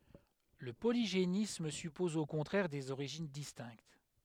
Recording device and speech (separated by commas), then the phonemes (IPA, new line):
headset microphone, read sentence
lə poliʒenism sypɔz o kɔ̃tʁɛʁ dez oʁiʒin distɛ̃kt